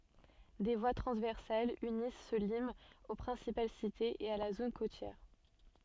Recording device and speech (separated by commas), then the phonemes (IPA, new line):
soft in-ear microphone, read sentence
de vwa tʁɑ̃zvɛʁsalz ynis sə limz o pʁɛ̃sipal sitez e a la zon kotjɛʁ